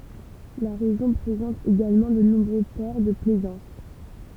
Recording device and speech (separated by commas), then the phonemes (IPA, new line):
temple vibration pickup, read sentence
la ʁeʒjɔ̃ pʁezɑ̃t eɡalmɑ̃ də nɔ̃bʁø pɔʁ də plɛzɑ̃s